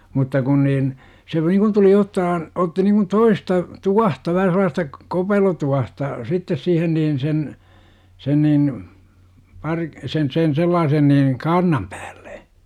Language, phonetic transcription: Finnish, mutta 'kun niin , se nikun tuli 'ottahan , otti niŋkun "toista , "tuahta vähä sel̆laasta , "kopelotuahta , 'sittes siihen niin 'sen , 'sen niin , par- , sen sen 'sellaasen niin , "kaarnam pÄÄLLE .
- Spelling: mutta kun niin se niin kuin tuli ottaa otti niin kuin toista tuohta vähän sellaista kopelotuohta sitten siihen niin sen sen niin - sen sen sellaisen niin kaarnan päälle

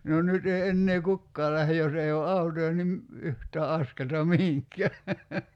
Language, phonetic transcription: Finnish, no 'nyt ‿ei 'ennee "kukkaa lähe 'jos ei o "autoja nim , 'yht̀ää "askelta 'mihiŋk̀ää .
- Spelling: no nyt ei enää kukaan lähde jos ei ole autoja niin yhtään askelta mihinkään

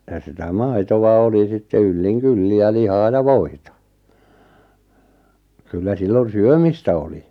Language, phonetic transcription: Finnish, ja sitä "mai̬tova 'oli 'sitte 'ylliŋ "kylli ja "lihaa ja "voita , kyllä 'sillon "syömistä oli .
- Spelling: ja sitä maitoa oli sitten yllin kyllin ja lihaa ja voita kyllä silloin syömistä oli

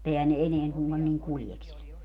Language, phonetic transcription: Finnish, [mu]'t ‿ehän ne "eneäŋ (suŋGan) niŋ "kuljekselekka .
- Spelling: mutta eihän ne enää suinkaan niin kuljeskelekaan

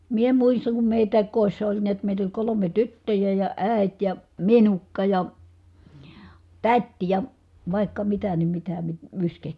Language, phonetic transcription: Finnish, mie muissaŋ kum mèitä̀ik kòissa oĺ niät mèit ‿oĺ kolome tyttöjä ja , ä̀i̮t ja , minukka ja , tät́ ja , vài̮kka mitä ni mitä mi- , myskehtimi- ,.
- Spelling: minä muistan kun meitäkin kodissa oli näet meitä oli kolme tyttöä ja äiti ja minukka ja täti ja vaikka mitä niin mitä - -

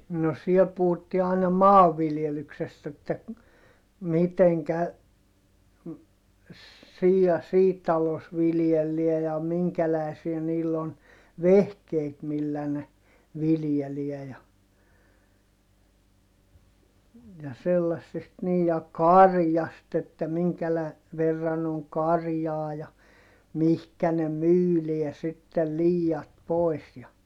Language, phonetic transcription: Finnish, no siel puhuttii ài̮na maavviljelyksest ‿että , miteŋkä , siij ja sii talos viljelliä ja miŋkälä̀i̮siä niill ‿on , vehkeet millä ne , viljeliɛ ja , ja sellassest - niij ja karjast ‿että miŋkälä- , verran ‿oŋ karjaa ja , mihkä ne myyliɛ sittel liijat pòi̮s ja ,.
- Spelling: no siellä puhuttiin aina maanviljelyksestä että miten siinä ja siinä talossa viljellään ja minkälaisia niillä on vehkeet millä ne viljelee ja ja sellaisesta niin ja karjasta että - verran on karjaa ja mihin ne myydään sitten liiat pois ja

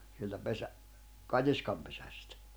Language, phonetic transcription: Finnish, sieltä 'pesä- , 'kat́iskampesᴀ̈stᴀ̈ .
- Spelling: sieltä - katiskanpesästä

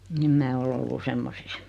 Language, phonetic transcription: Finnish, 'em mää o'l ‿ollu "semmosis .
- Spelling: en minä ole ollut semmoisissa

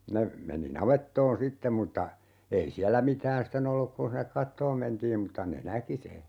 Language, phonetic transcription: Finnish, ne , 'meni 'navettoon "sitteᵐ mutta , 'ei "siällä 'mitään "sten ‿olluk 'kun̬ hinnek "kattoom 'mentiim 'mutta ne "näki se .
- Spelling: ne meni navettaan sitten mutta ei siellä mitään sitten ollut kun sinne katsomaan mentiin mutta ne näki sen

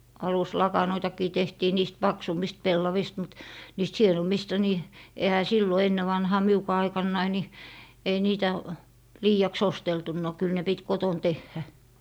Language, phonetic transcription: Finnish, 'aluslakanoitakii tehtii niist "paksummist 'pellavist mut , niist "hienommista ni , ehä 'sillo 'enne vanhaa 'miukaa 'aikannai ni , ei 'niitä , "lii₍aks 'osteltunno kyl 'ne pit 'koton 'tehhä .
- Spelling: aluslakanoitakin tehtiin niistä paksummista pellavista mutta niistä hienommista niin eihän silloin ennen vanhaan minunkaan aikanani niin ei niitä liiaksi osteltu kyllä ne piti kotona tehdä

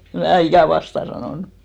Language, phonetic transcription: Finnish, em 'mää 'ikä̀ "vastà sanònu .
- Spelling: en minä ikinä vastaan sanonut

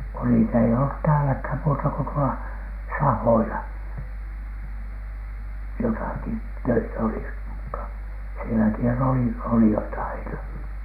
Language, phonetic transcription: Finnish, ko niit ‿ei ollut 'tääläkhän muutako tuola , "sahoila , 'jotàki 'töitä olis mutta , sieläkihän ne 'oli , 'olijat aina .
- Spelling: kun niitä ei ollut täälläkään muuta kuin tuolla sahoilla jotakin töitä olisi mutta sielläkinhän ne oli olijat aina

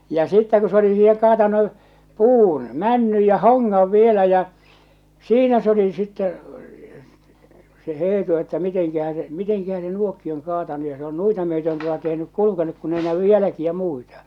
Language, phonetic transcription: Finnish, ja 'sittä ku se oli siihe kaatanu , "puun , "männyj ja "hoŋŋav 'vielä ja , "siinä s ‿oli sittɛ , se 'Eetu , että miteŋkähä se , miteŋkähä se 'nuokki oŋ kaatanu ja se ‿on 'nuita myötön tuota tehnyk 'kulukenuk kun ‿ei 'nävy "jäläkiä 'muita .
- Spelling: ja sitten kun se oli siihen kaatanut puun männyn ja hongan vielä ja siinä se oli sitten se Eetu että mitenkähän se mitenkähän se nuokin on kaatanut ja se on noita myöten tuota tehnyt kulkenut kun ei näy jälkiä muita

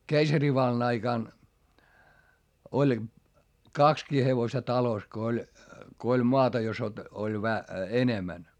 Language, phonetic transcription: Finnish, keisarivallan ‿aikàn , oĺ , kakskii hevosta talos ko oĺ , ko oĺ moata jos ‿ot- , oĺ vä- , enemän .
- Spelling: keisarivallan aikana oli kaksikin hevosta talossa kun oli kun oli maata jos - oli - enemmän

